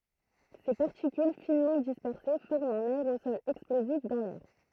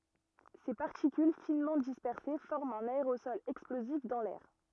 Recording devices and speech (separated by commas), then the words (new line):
throat microphone, rigid in-ear microphone, read sentence
Ses particules finement dispersées forment un aérosol explosif dans l'air.